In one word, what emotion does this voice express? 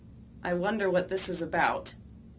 neutral